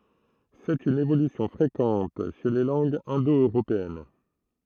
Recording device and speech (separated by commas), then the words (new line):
throat microphone, read sentence
C'est une évolution fréquente chez les langues indo-européennes.